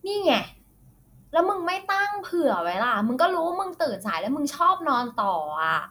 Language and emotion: Thai, frustrated